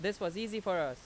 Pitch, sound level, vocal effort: 200 Hz, 91 dB SPL, very loud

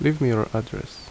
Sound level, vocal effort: 74 dB SPL, normal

